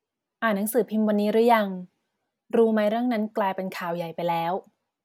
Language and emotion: Thai, neutral